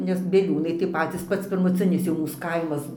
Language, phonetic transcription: Lithuanian, nes bieˈliūnai tai ˈpacys ˈpats pirmuˈcinis jau ˈmūs ˈkaimas

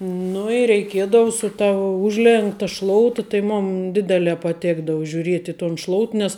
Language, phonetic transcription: Lithuanian, ˈnu i reiˈkiedavu su ta ˈužlenkta ˈšlouta tai ˈmun ˈdidelē paˈtėkdavu žiuˈriet' i ton ˈšlout nes

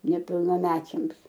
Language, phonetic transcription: Lithuanian, nepilnaˈmečiams

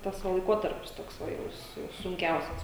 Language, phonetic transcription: Lithuanian, ˈtas va laiˈkotarpis ˈtoks ˈva jau su sunˈkiausias

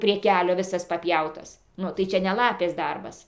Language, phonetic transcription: Lithuanian, prie ˈkelio viˈsas paˈpjautas ˈnu tai ˈčia ne ˈlapės ˈdarbas

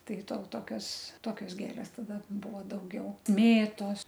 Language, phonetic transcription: Lithuanian, ˈtai to ˈtokios ˈtokios ˈgėlės taˈda ˈbuvo dauˈgiau ˈmėtos

